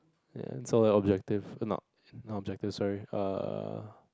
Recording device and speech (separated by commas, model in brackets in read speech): close-talking microphone, conversation in the same room